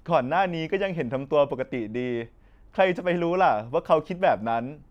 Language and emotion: Thai, happy